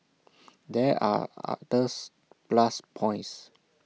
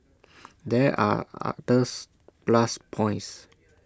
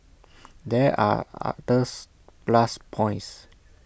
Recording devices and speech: mobile phone (iPhone 6), standing microphone (AKG C214), boundary microphone (BM630), read sentence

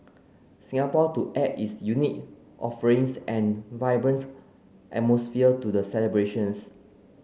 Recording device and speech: mobile phone (Samsung C9), read sentence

